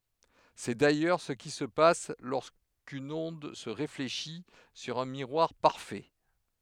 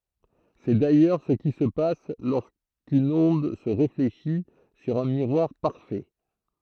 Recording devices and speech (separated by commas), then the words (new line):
headset microphone, throat microphone, read sentence
C'est d'ailleurs ce qui se passe lorsqu'une onde se réfléchit sur un miroir parfait.